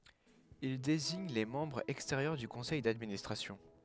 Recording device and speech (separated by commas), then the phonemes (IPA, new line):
headset microphone, read sentence
il deziɲ le mɑ̃bʁz ɛksteʁjœʁ dy kɔ̃sɛj dadministʁasjɔ̃